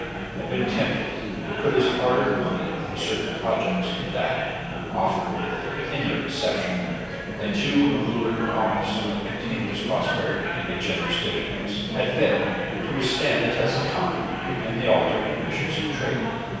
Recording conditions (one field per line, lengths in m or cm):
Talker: one person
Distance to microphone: 7.1 m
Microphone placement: far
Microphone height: 1.7 m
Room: very reverberant, large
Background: babble